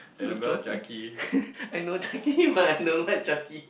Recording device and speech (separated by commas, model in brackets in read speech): boundary microphone, conversation in the same room